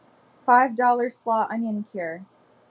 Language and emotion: English, sad